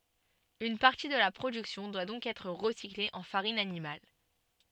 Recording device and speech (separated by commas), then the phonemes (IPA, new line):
soft in-ear microphone, read sentence
yn paʁti də la pʁodyksjɔ̃ dwa dɔ̃k ɛtʁ ʁəsikle ɑ̃ faʁin animal